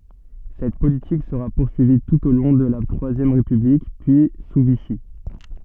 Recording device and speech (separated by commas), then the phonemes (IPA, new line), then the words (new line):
soft in-ear microphone, read sentence
sɛt politik səʁa puʁsyivi tut o lɔ̃ də la tʁwazjɛm ʁepyblik pyi su viʃi
Cette politique sera poursuivie tout au long de la Troisième République, puis sous Vichy.